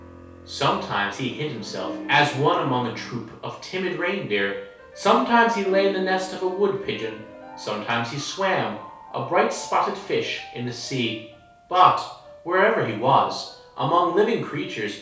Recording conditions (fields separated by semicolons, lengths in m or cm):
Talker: one person; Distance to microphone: 3.0 m; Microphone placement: far; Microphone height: 1.8 m; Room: small (3.7 m by 2.7 m); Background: music